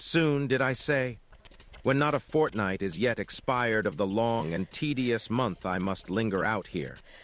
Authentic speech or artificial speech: artificial